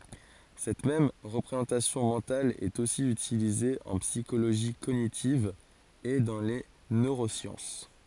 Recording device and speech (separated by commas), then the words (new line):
forehead accelerometer, read sentence
Cette même représentation mentale est aussi utilisée en psychologie cognitive et dans les neurosciences.